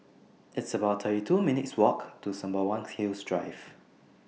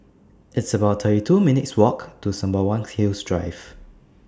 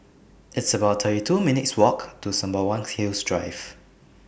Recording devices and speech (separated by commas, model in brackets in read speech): mobile phone (iPhone 6), standing microphone (AKG C214), boundary microphone (BM630), read sentence